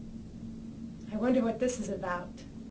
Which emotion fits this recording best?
fearful